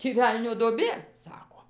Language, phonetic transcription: Lithuanian, tį ˈvelnio duoˈbė ˈsako

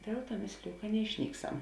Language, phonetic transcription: Lithuanian, ˈdėl ˌtuo ˈmėsliju ka neišˈnykˌsam

